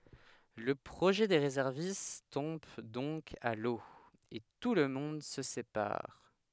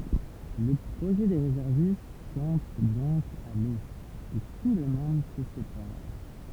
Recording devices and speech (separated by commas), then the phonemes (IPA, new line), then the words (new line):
headset microphone, temple vibration pickup, read sentence
lə pʁoʒɛ de ʁezɛʁvist tɔ̃b dɔ̃k a lo e tulmɔ̃d sə sepaʁ
Le projet des réservistes tombe donc à l’eau, et tout le monde se sépare.